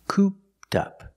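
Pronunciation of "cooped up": In 'cooped up', the -ed of 'cooped' is pronounced as a t sound and links to the next word, so it sounds like 'coop-tup'.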